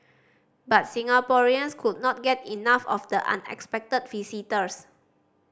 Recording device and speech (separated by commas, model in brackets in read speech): standing microphone (AKG C214), read sentence